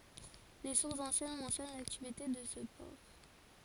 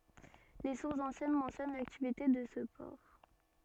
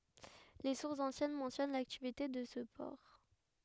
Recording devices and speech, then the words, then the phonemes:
forehead accelerometer, soft in-ear microphone, headset microphone, read sentence
Les sources anciennes mentionnent l'activité de ce port.
le suʁsz ɑ̃sjɛn mɑ̃sjɔn laktivite də sə pɔʁ

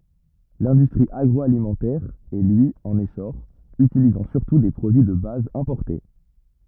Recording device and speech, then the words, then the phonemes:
rigid in-ear microphone, read sentence
L'industrie agroalimentaire est lui en essor, utilisant surtout des produits de base importés.
lɛ̃dystʁi aɡʁɔalimɑ̃tɛʁ ɛ lyi ɑ̃n esɔʁ ytilizɑ̃ syʁtu de pʁodyi də baz ɛ̃pɔʁte

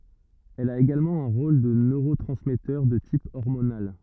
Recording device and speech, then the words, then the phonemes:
rigid in-ear microphone, read sentence
Elle a également un rôle de neurotransmetteur de type hormonal.
ɛl a eɡalmɑ̃ œ̃ ʁol də nøʁotʁɑ̃smɛtœʁ də tip ɔʁmonal

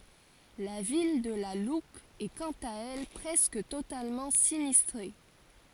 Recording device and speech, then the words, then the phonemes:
forehead accelerometer, read sentence
La ville de La Loupe est quant à elle presque totalement sinistrée.
la vil də la lup ɛ kɑ̃t a ɛl pʁɛskə totalmɑ̃ sinistʁe

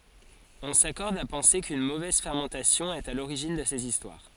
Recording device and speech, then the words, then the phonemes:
forehead accelerometer, read sentence
On s'accorde à penser qu'une mauvaise fermentation est à l'origine de ces histoires.
ɔ̃ sakɔʁd a pɑ̃se kyn movɛz fɛʁmɑ̃tasjɔ̃ ɛt a loʁiʒin də sez istwaʁ

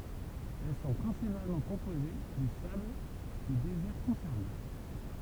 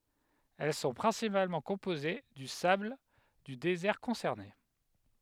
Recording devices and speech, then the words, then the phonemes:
temple vibration pickup, headset microphone, read sentence
Elles sont principalement composées du sable du désert concerné.
ɛl sɔ̃ pʁɛ̃sipalmɑ̃ kɔ̃poze dy sabl dy dezɛʁ kɔ̃sɛʁne

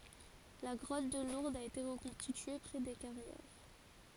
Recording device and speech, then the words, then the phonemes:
forehead accelerometer, read sentence
La grotte de Lourdes a été reconstituée près des Carrières.
la ɡʁɔt də luʁdz a ete ʁəkɔ̃stitye pʁɛ de kaʁjɛʁ

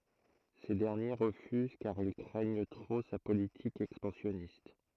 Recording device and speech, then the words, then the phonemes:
throat microphone, read sentence
Ces derniers refusent car ils craignent trop sa politique expansionniste.
se dɛʁnje ʁəfyz kaʁ il kʁɛɲ tʁo sa politik ɛkspɑ̃sjɔnist

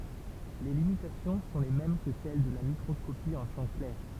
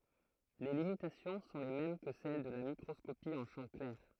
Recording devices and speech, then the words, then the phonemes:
temple vibration pickup, throat microphone, read sentence
Les limitations sont les mêmes que celles de la microscopie en champ clair.
le limitasjɔ̃ sɔ̃ le mɛm kə sɛl də la mikʁɔskopi ɑ̃ ʃɑ̃ klɛʁ

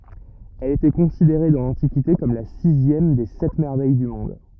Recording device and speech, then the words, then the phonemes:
rigid in-ear microphone, read sentence
Elle était considérée dans l'Antiquité comme la sixième des Sept Merveilles du monde.
ɛl etɛ kɔ̃sideʁe dɑ̃ lɑ̃tikite kɔm la sizjɛm de sɛt mɛʁvɛj dy mɔ̃d

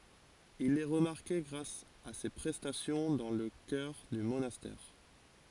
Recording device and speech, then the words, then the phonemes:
forehead accelerometer, read sentence
Il est remarqué grâce à ses prestations dans le chœur du monastère.
il ɛ ʁəmaʁke ɡʁas a se pʁɛstasjɔ̃ dɑ̃ lə kœʁ dy monastɛʁ

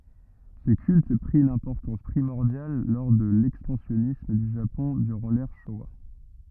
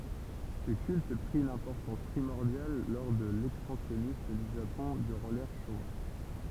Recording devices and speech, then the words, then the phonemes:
rigid in-ear microphone, temple vibration pickup, read sentence
Ce culte prit une importance primordiale lors de l'expansionnisme du Japon durant l'ère Showa.
sə kylt pʁi yn ɛ̃pɔʁtɑ̃s pʁimɔʁdjal lɔʁ də lɛkspɑ̃sjɔnism dy ʒapɔ̃ dyʁɑ̃ lɛʁ ʃowa

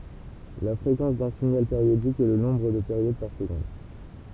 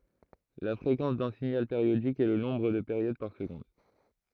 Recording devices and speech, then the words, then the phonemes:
temple vibration pickup, throat microphone, read sentence
La fréquence d'un signal périodique est le nombre de périodes par seconde.
la fʁekɑ̃s dœ̃ siɲal peʁjodik ɛ lə nɔ̃bʁ də peʁjod paʁ səɡɔ̃d

